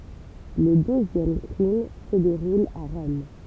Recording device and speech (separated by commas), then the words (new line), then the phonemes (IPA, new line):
temple vibration pickup, read sentence
Le deuxième crime se déroule à Rome.
lə døzjɛm kʁim sə deʁul a ʁɔm